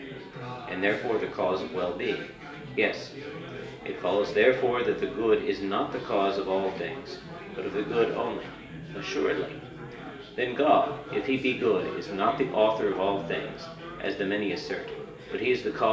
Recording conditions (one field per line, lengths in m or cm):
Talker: one person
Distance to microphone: 1.8 m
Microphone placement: close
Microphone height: 1.0 m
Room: large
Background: babble